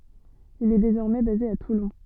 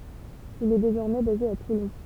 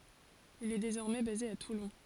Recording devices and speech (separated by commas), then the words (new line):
soft in-ear microphone, temple vibration pickup, forehead accelerometer, read sentence
Il est désormais basé à Toulon.